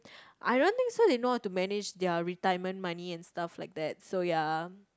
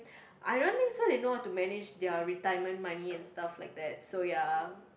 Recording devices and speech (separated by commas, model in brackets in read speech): close-talking microphone, boundary microphone, conversation in the same room